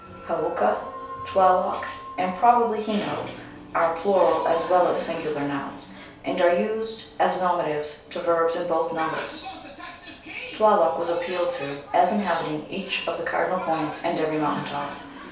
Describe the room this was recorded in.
A small space (about 3.7 m by 2.7 m).